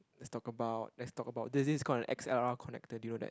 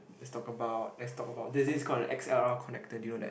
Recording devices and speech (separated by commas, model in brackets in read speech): close-talking microphone, boundary microphone, conversation in the same room